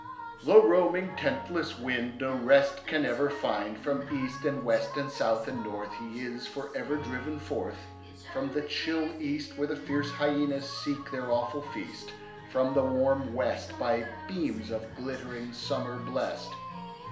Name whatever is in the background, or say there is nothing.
Music.